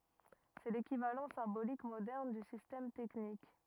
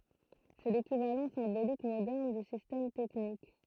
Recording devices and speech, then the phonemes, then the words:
rigid in-ear microphone, throat microphone, read sentence
sɛ lekivalɑ̃ sɛ̃bolik modɛʁn dy sistɛm tɛknik
C'est l'équivalent symbolique moderne du système technique.

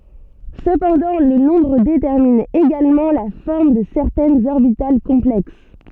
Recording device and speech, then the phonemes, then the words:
soft in-ear microphone, read sentence
səpɑ̃dɑ̃ lə nɔ̃bʁ detɛʁmin eɡalmɑ̃ la fɔʁm də sɛʁtɛnz ɔʁbital kɔ̃plɛks
Cependant, le nombre détermine également la forme de certaines orbitales complexes.

